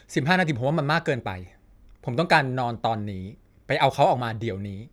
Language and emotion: Thai, frustrated